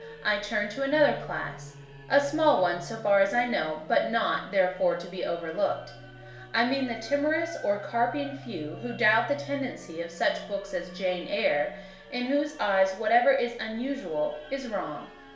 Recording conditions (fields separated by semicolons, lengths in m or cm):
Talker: one person; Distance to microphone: 1.0 m; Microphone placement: close; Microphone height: 1.1 m; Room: small (3.7 m by 2.7 m); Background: music